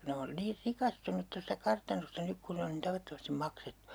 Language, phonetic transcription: Finnish, 'ne on 'niir "rikastunut tosta 'kartanosta 'nyk kun ne on nin 'tavattomastim "maksettU .
- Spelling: ne on niin rikastunut tuosta kartanosta nyt kun ne on niin tavattomasti maksettu

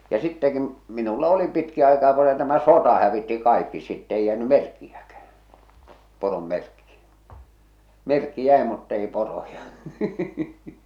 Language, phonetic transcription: Finnish, ja sittɛki , minulla 'oli pitki aikaa ko se tämä "sota hävitti "kaikki sitt ‿eij jääny "merkkijäkäh̬ä , "porom 'merkki , "merkki 'jä̀e mutt ‿ei 'poroja .
- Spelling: ja sittenkin minulla oli pitkin aikaa kun se tämä sota hävitti kaikki sitten ei jäänyt merkkiäkään poron merkki merkki jäi mutta ei poroja

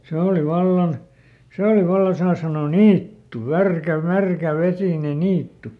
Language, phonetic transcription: Finnish, ˈse òli ˈvallan , "sè oli ˈvallan saa sanoo "niittu , ˈvärkä , ˈmärkä ˈvesìne ˈniittu .
- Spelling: se oli vallan se oli vallan saa sanoa niitty - märkä vesinen niitty

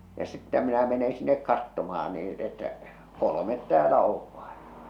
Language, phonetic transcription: Finnish, ja 'sittä minä mene 'sinnek 'kattomah̬an nii että , 'kolomet 'täälä ov ᴠᴀᴇ .
- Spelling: ja sitten minä menen sinne katsomaan niin että kolme täällä on vain

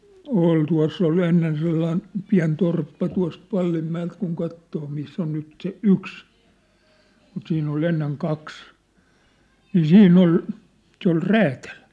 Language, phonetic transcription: Finnish, 'ol 'tua̭s s ‿ol "ennen sellaĭn , 'piä̭n 'torppa tua̭st "Vallimmä₍elt kuŋ 'kattoo 'miss ‿on nyt se "yks , mut siinn ‿ol 'enneŋ 'kaks , nii "siinn ‿ol , se ‿ol "räätäl .
- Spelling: oli tuossa se oli ennen sellainen pieni torppa tuosta Vallinmäeltä kun katsoo missä on nyt se yksi mutta siinä oli ennen kaksi niin siinä oli se oli räätäli

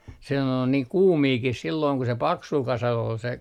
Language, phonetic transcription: Finnish, se (ne) ol niiŋ "kuumiikih sillooŋ ku se 'paksul 'kasal ol se ,.
- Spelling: se ne oli niin kuumiakin silloin kun se paksulla kasalla oli se

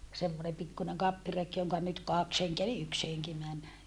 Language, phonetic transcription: Finnish, semmonem pikkuneŋ kappirek joŋka nyt kaks heŋkeä eli yks heŋki män .
- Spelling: semmoinen pikkuinen kappireki jonka nyt kaksi henkeä eli yksi henki meni

